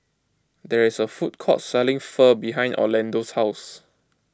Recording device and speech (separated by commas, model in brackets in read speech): close-talking microphone (WH20), read sentence